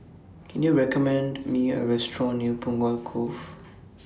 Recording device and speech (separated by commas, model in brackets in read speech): standing microphone (AKG C214), read sentence